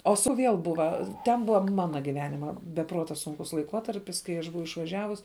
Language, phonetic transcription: Lithuanian, o su ˈviel ˈbuva ten ˈbuva ˈmana giˈvenima be ˈpruota ˈsunkus laiˈkuotarpis kai ˈaš ˈbuvau išvaˈžiavus

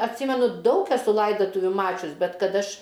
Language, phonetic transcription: Lithuanian, atˈsymenu ˈdaug eˈsu ˈlaidatuviu ˈmačius ˈbet ˈkad ˈaš

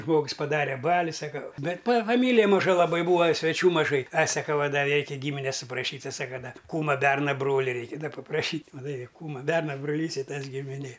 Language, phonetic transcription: Lithuanian, ˈžmogs paˈdare ˈbali ˈsaka ˈbet pa faˈmylija maˈža laˈbai ˈbūa sveˈčių maˈžai a saˈka a ˈda ˈreikia ˈgymines suprašyt' ˈti ˈsaka ˈda ˈkūma ˈberna ˈbroli ˈreiki ˈda papraˈšyt' maˈtai ˈkūma ˈberna broˈlys i ˈtas gimiˈnė

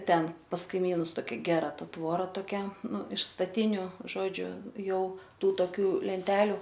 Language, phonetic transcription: Lithuanian, ˈten pas kaiˈmynus toˈkia ˈgera ˈta ˈtvora toˈkia ˈnu iš staˈtiniu ˈžodžiu ˈjau ˈtų toˈkių lenˈteliu

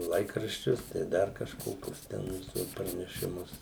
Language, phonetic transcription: Lithuanian, ˈlaikraščius tai ˈdar kažˈkokius ˈten tuos pranešiˈmus

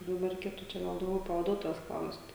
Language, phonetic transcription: Lithuanian, daˈbar reiˈkėtu čia ˈgal dauˈgiau pavaˈduotojos ˈklaust

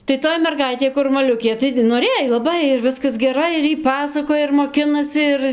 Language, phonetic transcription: Lithuanian, tai ˈtoj merˈgaitė kur maˈliukė taigi noˈrėj laˈbai ir ˈviskas ˈgerai ir ˈjy ˈpasakoja ir moˈkinasi ˈir

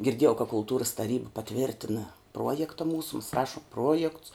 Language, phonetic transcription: Lithuanian, girˈdiejau ka kulˈtūras taˈryba paˈtvirtina ˈpruojekta ˈmūsu mas ˈrašum ˈpruojekts

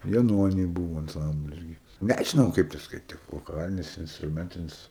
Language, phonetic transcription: Lithuanian, jaˈnony ˈbūvo anˈcamblis ˈgi ˈnežinau ˈkaip te skaiˈtik voˈkalinis instruˈmentinis

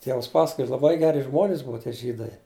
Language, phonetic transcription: Lithuanian, ˈtievas ˈpasakoja laˈbai ˈgeri ˈžmonis ˈbua tie ˈžydai

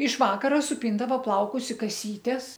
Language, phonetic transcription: Lithuanian, iš ˈvakara suˈpyndavo ˈplaukus i kaˈsytes

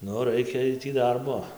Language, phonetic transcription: Lithuanian, ˈnu raiˈkėj ˈtį ˈdarbo

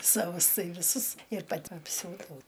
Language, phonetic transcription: Lithuanian, saˈvus ˈtai viˈsus ir paˈti apˈsiūdau

